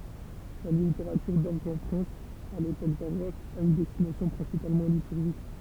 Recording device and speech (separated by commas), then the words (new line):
temple vibration pickup, read sentence
La littérature d'orgue en France à l'époque baroque a une destination principalement liturgique.